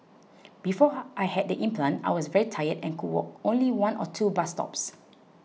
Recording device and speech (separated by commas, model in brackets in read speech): mobile phone (iPhone 6), read sentence